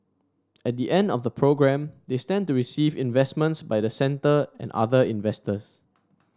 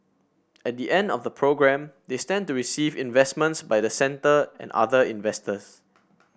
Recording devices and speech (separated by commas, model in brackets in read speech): standing microphone (AKG C214), boundary microphone (BM630), read sentence